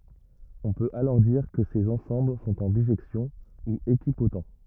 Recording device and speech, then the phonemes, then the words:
rigid in-ear microphone, read sentence
ɔ̃ pøt alɔʁ diʁ kə sez ɑ̃sɑ̃bl sɔ̃t ɑ̃ biʒɛksjɔ̃ u ekipot
On peut alors dire que ces ensembles sont en bijection, ou équipotents.

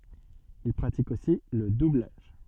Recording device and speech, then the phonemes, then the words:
soft in-ear microphone, read sentence
il pʁatik osi lə dublaʒ
Il pratique aussi le doublage.

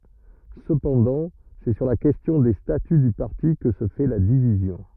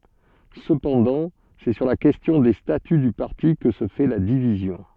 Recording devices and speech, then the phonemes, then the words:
rigid in-ear microphone, soft in-ear microphone, read sentence
səpɑ̃dɑ̃ sɛ syʁ la kɛstjɔ̃ de staty dy paʁti kə sə fɛ la divizjɔ̃
Cependant, c'est sur la question des statuts du parti que se fait la division.

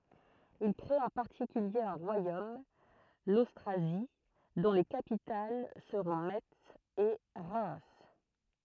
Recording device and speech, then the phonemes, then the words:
throat microphone, read sentence
il kʁet ɑ̃ paʁtikylje œ̃ ʁwajom lostʁazi dɔ̃ le kapital səʁɔ̃ mɛts e ʁɛm
Ils créent en particulier un royaume, l'Austrasie, dont les capitales seront Metz et Reims.

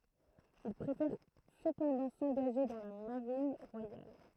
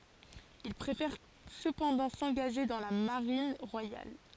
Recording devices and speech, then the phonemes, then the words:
throat microphone, forehead accelerometer, read sentence
il pʁefɛʁ səpɑ̃dɑ̃ sɑ̃ɡaʒe dɑ̃ la maʁin ʁwajal
Il préfère cependant s'engager dans la Marine royale.

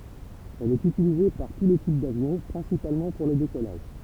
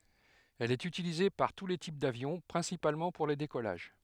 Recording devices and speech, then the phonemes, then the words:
temple vibration pickup, headset microphone, read sentence
ɛl ɛt ytilize paʁ tu le tip davjɔ̃ pʁɛ̃sipalmɑ̃ puʁ le dekɔlaʒ
Elle est utilisée par tous les types d'avions, principalement pour les décollages.

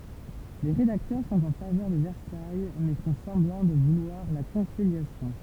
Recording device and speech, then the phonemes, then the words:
temple vibration pickup, read sentence
le ʁedaktœʁ sɔ̃t ɑ̃ favœʁ də vɛʁsaj mɛ fɔ̃ sɑ̃blɑ̃ də vulwaʁ la kɔ̃siljasjɔ̃
Les rédacteurs sont en faveur de Versailles mais font semblant de vouloir la conciliation.

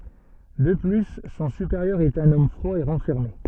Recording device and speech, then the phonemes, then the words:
soft in-ear microphone, read sentence
də ply sɔ̃ sypeʁjœʁ ɛt œ̃n ɔm fʁwa e ʁɑ̃fɛʁme
De plus, son supérieur est un homme froid et renfermé.

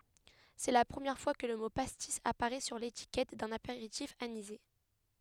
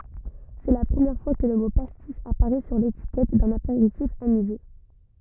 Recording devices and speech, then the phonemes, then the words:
headset microphone, rigid in-ear microphone, read sentence
sɛ la pʁəmjɛʁ fwa kə lə mo pastis apaʁɛ syʁ letikɛt dœ̃n apeʁitif anize
C'est la première fois que le mot pastis apparaît sur l'étiquette d'un apéritif anisé.

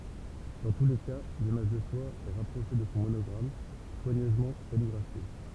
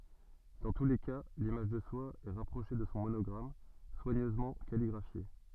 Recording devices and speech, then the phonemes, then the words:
temple vibration pickup, soft in-ear microphone, read sentence
dɑ̃ tu le ka limaʒ də swa ɛ ʁapʁoʃe də sɔ̃ monɔɡʁam swaɲøzmɑ̃ kaliɡʁafje
Dans tous les cas, l'image de soi est rapprochée de son monogramme, soigneusement calligraphié.

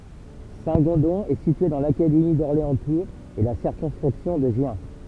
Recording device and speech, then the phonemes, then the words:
temple vibration pickup, read sentence
sɛ̃tɡɔ̃dɔ̃ ɛ sitye dɑ̃ lakademi dɔʁleɑ̃stuʁz e la siʁkɔ̃skʁipsjɔ̃ də ʒjɛ̃
Saint-Gondon est situé dans l'académie d'Orléans-Tours et la circonscription de Gien.

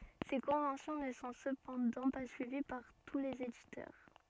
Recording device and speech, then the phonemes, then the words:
soft in-ear microphone, read sentence
se kɔ̃vɑ̃sjɔ̃ nə sɔ̃ səpɑ̃dɑ̃ pa syivi paʁ tu lez editœʁ
Ces conventions ne sont cependant pas suivies par tous les éditeurs.

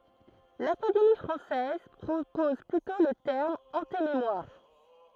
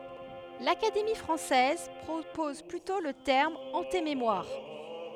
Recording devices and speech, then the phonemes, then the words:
throat microphone, headset microphone, read sentence
lakademi fʁɑ̃sɛz pʁopɔz plytɔ̃ lə tɛʁm ɑ̃tememwaʁ
L'Académie française propose plutôt le terme antémémoire.

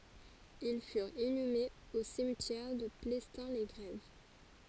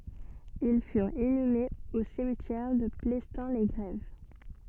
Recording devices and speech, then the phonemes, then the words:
forehead accelerometer, soft in-ear microphone, read sentence
il fyʁt inymez o simtjɛʁ də plɛstɛ̃ le ɡʁɛv
Ils furent inhumés au cimetière de Plestin-les-Grèves.

